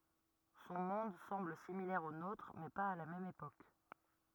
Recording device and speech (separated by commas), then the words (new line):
rigid in-ear microphone, read sentence
Son monde semble similaire au nôtre, mais pas à la même époque.